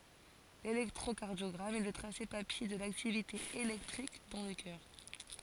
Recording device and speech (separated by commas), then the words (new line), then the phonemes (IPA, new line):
forehead accelerometer, read sentence
L'électrocardiogramme est le tracé papier de l'activité électrique dans le cœur.
lelɛktʁokaʁdjɔɡʁam ɛ lə tʁase papje də laktivite elɛktʁik dɑ̃ lə kœʁ